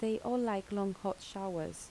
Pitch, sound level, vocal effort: 200 Hz, 78 dB SPL, soft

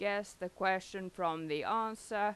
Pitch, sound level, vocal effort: 190 Hz, 90 dB SPL, loud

